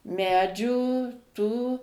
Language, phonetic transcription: Lithuanian, ˈmedžių tų

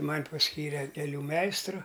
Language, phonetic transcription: Lithuanian, ˈman' pasˈkyre keˈlių ˈmeistru

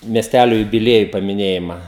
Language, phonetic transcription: Lithuanian, miesˈtælio jubiˈlieju pamiˈnėjima

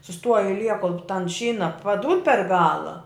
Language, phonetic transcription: Lithuanian, suˈstuoj aiˈlie kol tan ˈšyna paˈdūd per ˈgala

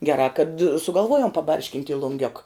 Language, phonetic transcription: Lithuanian, geˈrā kad sugalˈvuojom paˈbarškint' i lunˈgiok

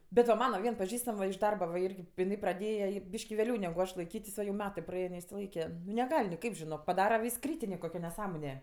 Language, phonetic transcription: Lithuanian, bet va ˈmana ˈvien paˈžįstam va iš ˈdarba va ˈirgi piˈnai praˈdėja ji ˈbyški vėˈliau negu ˈaš laiˈkytis o jau ˈmetɜ praˈein neišsiˈlaike neˈgal' niˈkaip žiˈnok paˈdara vis ˈkrytinė koˈkio neˈsąmone

